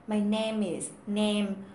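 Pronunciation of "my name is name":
The a vowel in 'name' is pronounced incorrectly here.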